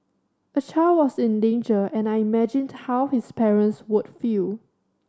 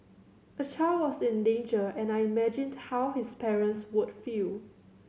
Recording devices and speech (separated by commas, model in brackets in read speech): standing microphone (AKG C214), mobile phone (Samsung C7100), read sentence